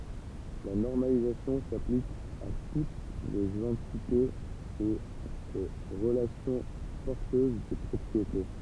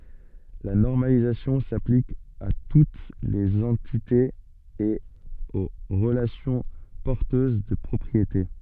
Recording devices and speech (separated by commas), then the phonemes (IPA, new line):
temple vibration pickup, soft in-ear microphone, read sentence
la nɔʁmalizasjɔ̃ saplik a tut lez ɑ̃titez e o ʁəlasjɔ̃ pɔʁtøz də pʁɔpʁiete